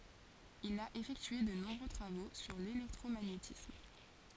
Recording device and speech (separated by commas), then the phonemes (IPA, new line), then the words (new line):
forehead accelerometer, read sentence
il a efɛktye də nɔ̃bʁø tʁavo syʁ lelɛktʁomaɲetism
Il a effectué de nombreux travaux sur l'électromagnétisme.